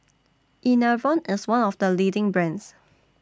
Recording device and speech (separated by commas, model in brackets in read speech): standing microphone (AKG C214), read sentence